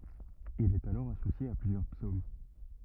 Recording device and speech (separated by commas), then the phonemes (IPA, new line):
rigid in-ear microphone, read sentence
il ɛt alɔʁ asosje a plyzjœʁ psom